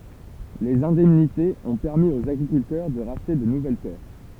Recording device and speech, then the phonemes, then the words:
temple vibration pickup, read sentence
lez ɛ̃dɛmnitez ɔ̃ pɛʁmi oz aɡʁikyltœʁ də ʁaʃte də nuvɛl tɛʁ
Les indemnités ont permis aux agriculteurs de racheter de nouvelles terres.

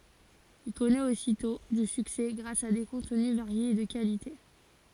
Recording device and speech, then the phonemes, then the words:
forehead accelerometer, read sentence
il kɔnɛt ositɔ̃ dy syksɛ ɡʁas a de kɔ̃tny vaʁjez e də kalite
Il connaît aussitôt du succès grâce à des contenus variés et de qualité.

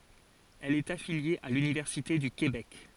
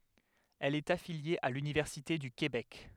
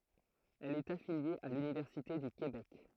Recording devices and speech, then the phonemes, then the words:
forehead accelerometer, headset microphone, throat microphone, read sentence
ɛl ɛt afilje a lynivɛʁsite dy kebɛk
Elle est affiliée à l'Université du Québec.

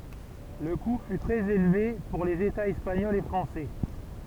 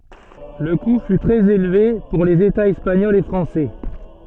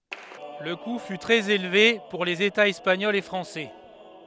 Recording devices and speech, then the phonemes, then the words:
temple vibration pickup, soft in-ear microphone, headset microphone, read sentence
lə ku fy tʁɛz elve puʁ lez etaz ɛspaɲɔlz e fʁɑ̃sɛ
Le coût fut très élevé pour les Etats espagnols et français.

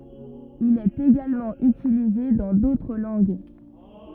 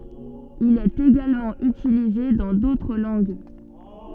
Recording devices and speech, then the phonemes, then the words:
rigid in-ear microphone, soft in-ear microphone, read sentence
il ɛt eɡalmɑ̃ ytilize dɑ̃ dotʁ lɑ̃ɡ
Il est également utilisé dans d'autres langues.

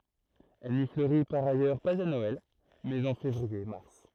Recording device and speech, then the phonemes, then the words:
throat microphone, read sentence
ɛl ni fløʁi paʁ ajœʁ paz a nɔɛl mɛz ɑ̃ fevʁiɛʁmaʁ
Elle n'y fleurit par ailleurs pas à Noël, mais en février-mars.

